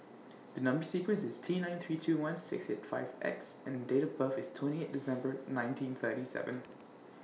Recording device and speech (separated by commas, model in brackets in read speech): mobile phone (iPhone 6), read sentence